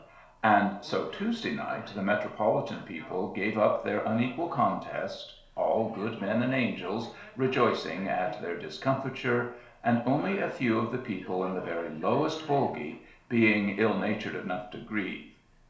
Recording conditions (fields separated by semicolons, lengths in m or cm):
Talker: one person; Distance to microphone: 1.0 m; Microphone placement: close; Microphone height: 1.1 m; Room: small (3.7 m by 2.7 m); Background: television